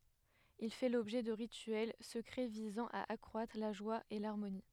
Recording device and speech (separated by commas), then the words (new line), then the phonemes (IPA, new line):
headset microphone, read sentence
Il fait l'objet de rituels secrets visant à accroître la joie et l'harmonie.
il fɛ lɔbʒɛ də ʁityɛl səkʁɛ vizɑ̃ a akʁwatʁ la ʒwa e laʁmoni